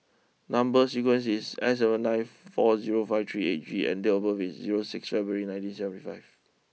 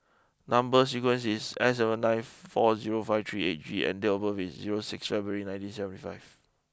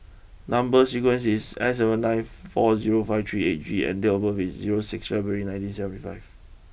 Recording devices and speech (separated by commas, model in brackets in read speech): mobile phone (iPhone 6), close-talking microphone (WH20), boundary microphone (BM630), read sentence